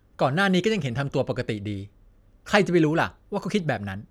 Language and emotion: Thai, frustrated